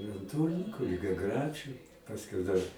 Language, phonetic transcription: Lithuanian, i an ˈtūrninku ligiaˈgræčiu pasˈkiau dar

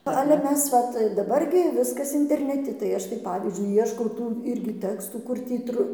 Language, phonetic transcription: Lithuanian, ˈale ˈmes ˈvat daˈbar gi ˈviskas interneˈti tai ˈaš tai ˈpavyzdžiui ˈieškau ˈtų ˈirgi ˈtekstų ˈkur tį ˈtru

